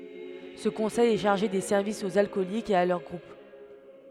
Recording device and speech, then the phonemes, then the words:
headset microphone, read sentence
sə kɔ̃sɛj ɛ ʃaʁʒe de sɛʁvisz oz alkɔlikz e a lœʁ ɡʁup
Ce conseil est chargé des services aux alcooliques et à leurs groupes.

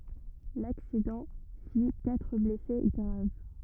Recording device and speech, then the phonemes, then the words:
rigid in-ear microphone, read sentence
laksidɑ̃ fi katʁ blɛse ɡʁav
L'accident fit quatre blessés graves.

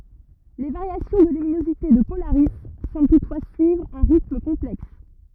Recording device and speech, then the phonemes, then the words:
rigid in-ear microphone, read sentence
le vaʁjasjɔ̃ də lyminozite də polaʁi sɑ̃bl tutfwa syivʁ œ̃ ʁitm kɔ̃plɛks
Les variations de luminosité de Polaris semblent toutefois suivre un rythme complexe.

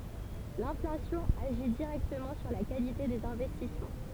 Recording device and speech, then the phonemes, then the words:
temple vibration pickup, read sentence
lɛ̃flasjɔ̃ aʒi diʁɛktəmɑ̃ syʁ la kalite dez ɛ̃vɛstismɑ̃
L'inflation agit directement sur la qualité des investissements.

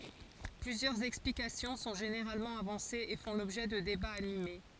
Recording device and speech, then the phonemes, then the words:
forehead accelerometer, read sentence
plyzjœʁz ɛksplikasjɔ̃ sɔ̃ ʒeneʁalmɑ̃ avɑ̃sez e fɔ̃ lɔbʒɛ də debaz anime
Plusieurs explications sont généralement avancées et font l'objet de débats animés.

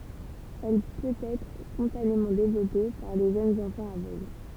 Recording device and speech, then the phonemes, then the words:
temple vibration pickup, read sentence
ɛl pøtɛtʁ spɔ̃tanemɑ̃ devlɔpe paʁ le ʒønz ɑ̃fɑ̃z avøɡl
Elle peut-être spontanément développée par les jeunes enfants aveugle.

